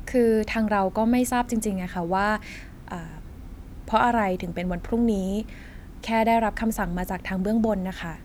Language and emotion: Thai, frustrated